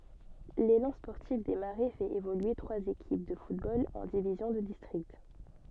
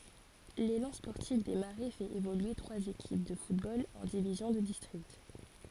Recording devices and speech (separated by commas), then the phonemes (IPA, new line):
soft in-ear microphone, forehead accelerometer, read sentence
lelɑ̃ spɔʁtif de maʁɛ fɛt evolye tʁwaz ekip də futbol ɑ̃ divizjɔ̃ də distʁikt